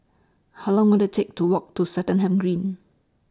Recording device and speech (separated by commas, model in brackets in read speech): standing microphone (AKG C214), read sentence